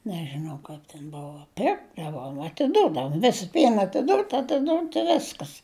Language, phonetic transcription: Lithuanian, nežiˈnau ˈkaip ten ˈbovo ˈpirkdavom atiˈdudavu ˈvis ˈpien atiˈdūt' atiˈdūt' i ˈviskas

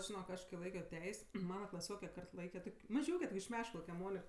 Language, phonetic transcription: Lithuanian, žiˈnok ˈaš kai ˈlaikio ˈteis' ˈmana klaˈsioke ˈkart ˈlaike ˈtok' maˈžiūke tok' iš ˈmeškalauke ˈmonik

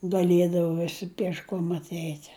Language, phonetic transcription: Lithuanian, gaˈliedava ˈvisi piešˈkom atˈeit'

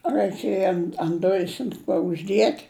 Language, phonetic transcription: Lithuanian, raiˈkėja an ant ˈdujis an ˈkuo užˈdiet'

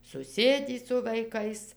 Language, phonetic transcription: Lithuanian, suˈsėdį su vaiˈkais

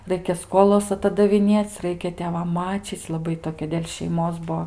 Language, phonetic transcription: Lithuanian, ˈraikia ˈskolas atadaviˈnėc' ˈraikia tėˈvam ˈmačyc' laˈbai toˈkia dėl' šeiˈmos ˈbuo

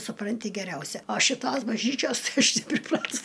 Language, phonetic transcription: Lithuanian, suˈpranti geˈriausia o šiˈtos bažˈnyčios ˈaš nepriˈpratus

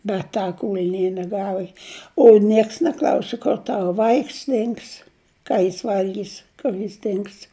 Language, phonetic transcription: Lithuanian, bet ˈta ˈkūl'nienie ˈgava o ˈnieks neˈklausi kur ˈtava ˈvaiks ˈdings ˈką jis ˈvalgys kur jis ˈdings

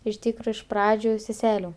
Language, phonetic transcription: Lithuanian, iš ˈtykro iš ˈpradžiu seˈselių

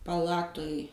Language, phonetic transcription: Lithuanian, paˈlatuj

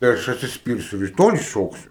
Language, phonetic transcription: Lithuanian, tai ˈaš atsiˈspyrsiu ir i ˈtoli ˈšoksiu

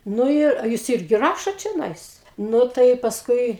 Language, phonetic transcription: Lithuanian, nu ˈir a ˈjūs ˈirgi ˈrašot čioˈnais ˈnu tai pasˈkui

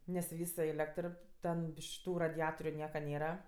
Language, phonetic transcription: Lithuanian, nes ˈvys su ˈėlektr ˈten ˈbiš ˈtų radiˈatoriu ˈnieka ˈnėra

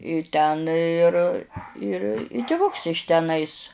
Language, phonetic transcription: Lithuanian, i ˈten ir ir i tiˈvuks iš teˈnais

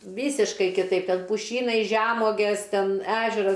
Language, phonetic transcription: Lithuanian, ˈvysiškai kiˈtaip ˈten puˈšynai žeˈmuogės ˈten ˈežeras

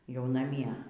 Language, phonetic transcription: Lithuanian, jau naˈmie

